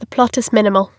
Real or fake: real